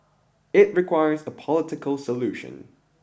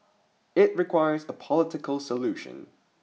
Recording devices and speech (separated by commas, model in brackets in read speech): boundary microphone (BM630), mobile phone (iPhone 6), read sentence